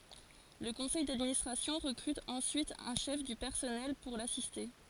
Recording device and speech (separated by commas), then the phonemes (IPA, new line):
forehead accelerometer, read sentence
lə kɔ̃sɛj dadministʁasjɔ̃ ʁəkʁyt ɑ̃syit œ̃ ʃɛf dy pɛʁsɔnɛl puʁ lasiste